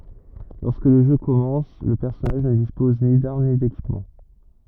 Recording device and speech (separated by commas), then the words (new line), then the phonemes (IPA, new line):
rigid in-ear microphone, read sentence
Lorsque le jeu commence, le personnage ne dispose ni d’armes, ni d’équipement.
lɔʁskə lə ʒø kɔmɑ̃s lə pɛʁsɔnaʒ nə dispɔz ni daʁm ni dekipmɑ̃